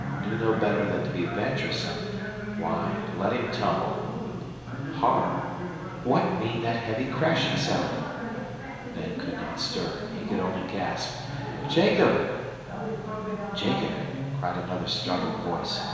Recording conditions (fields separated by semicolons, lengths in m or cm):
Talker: one person; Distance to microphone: 1.7 m; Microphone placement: close; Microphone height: 1.0 m; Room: very reverberant, large; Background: television